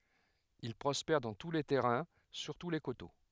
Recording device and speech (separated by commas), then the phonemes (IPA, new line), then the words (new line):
headset microphone, read sentence
il pʁɔspɛʁ dɑ̃ tu le tɛʁɛ̃ syʁtu le koto
Il prospère dans tous les terrains, surtout les coteaux.